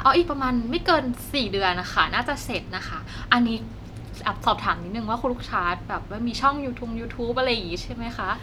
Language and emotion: Thai, happy